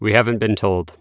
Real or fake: real